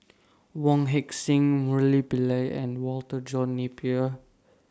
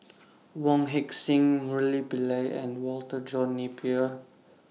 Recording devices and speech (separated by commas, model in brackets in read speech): standing microphone (AKG C214), mobile phone (iPhone 6), read sentence